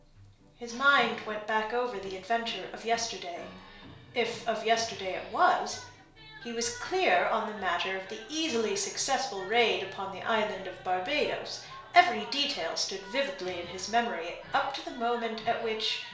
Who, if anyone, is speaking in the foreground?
One person.